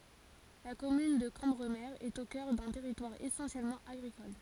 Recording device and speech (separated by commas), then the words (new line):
forehead accelerometer, read sentence
La commune de Cambremer est au cœur d'un territoire essentiellement agricole.